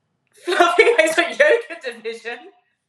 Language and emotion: English, happy